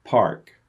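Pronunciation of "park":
'Park' is said the American English way: the R sound after the vowel is pronounced, not dropped.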